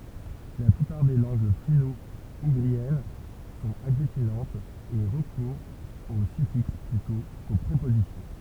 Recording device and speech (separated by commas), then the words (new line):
temple vibration pickup, read sentence
La plupart des langues finno-ougriennes sont agglutinantes et recourent aux suffixes plutôt qu'aux prépositions.